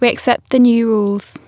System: none